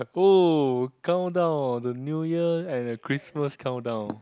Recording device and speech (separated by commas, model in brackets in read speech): close-talking microphone, conversation in the same room